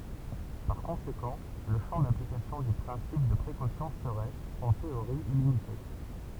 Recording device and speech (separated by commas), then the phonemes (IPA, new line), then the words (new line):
temple vibration pickup, read sentence
paʁ kɔ̃sekɑ̃ lə ʃɑ̃ daplikasjɔ̃ dy pʁɛ̃sip də pʁekosjɔ̃ səʁɛt ɑ̃ teoʁi ilimite
Par conséquent, le champ d'application du principe de précaution serait, en théorie illimité.